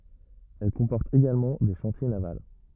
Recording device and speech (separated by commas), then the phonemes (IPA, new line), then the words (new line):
rigid in-ear microphone, read sentence
ɛl kɔ̃pɔʁt eɡalmɑ̃ de ʃɑ̃tje naval
Elle comporte également des chantiers navals.